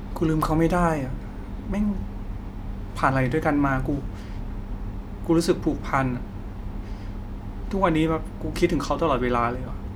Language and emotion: Thai, sad